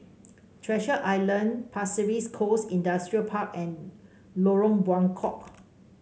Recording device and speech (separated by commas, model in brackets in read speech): mobile phone (Samsung C5), read sentence